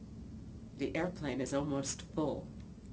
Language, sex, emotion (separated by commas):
English, female, neutral